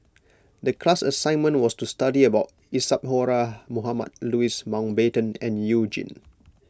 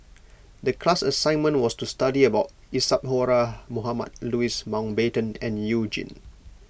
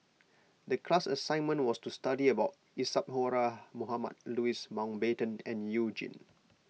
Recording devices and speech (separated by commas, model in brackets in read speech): close-talking microphone (WH20), boundary microphone (BM630), mobile phone (iPhone 6), read sentence